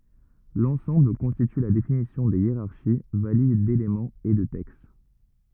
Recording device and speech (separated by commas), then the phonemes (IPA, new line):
rigid in-ear microphone, read sentence
lɑ̃sɑ̃bl kɔ̃stity la definisjɔ̃ de jeʁaʁʃi valid delemɑ̃z e də tɛkst